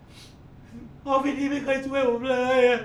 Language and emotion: Thai, sad